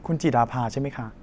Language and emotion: Thai, neutral